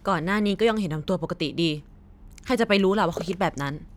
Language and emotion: Thai, angry